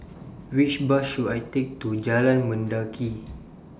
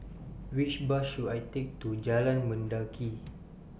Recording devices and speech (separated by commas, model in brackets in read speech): standing microphone (AKG C214), boundary microphone (BM630), read sentence